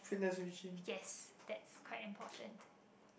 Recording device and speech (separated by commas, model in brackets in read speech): boundary microphone, conversation in the same room